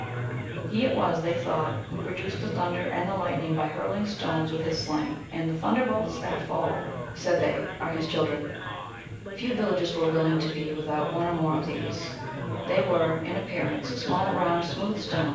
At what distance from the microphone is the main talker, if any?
9.8 m.